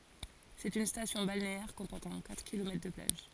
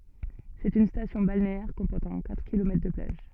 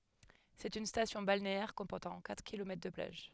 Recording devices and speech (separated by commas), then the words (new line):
forehead accelerometer, soft in-ear microphone, headset microphone, read sentence
C'est une station balnéaire comportant quatre kilomètres de plages.